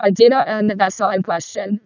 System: VC, vocoder